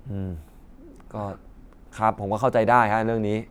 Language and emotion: Thai, frustrated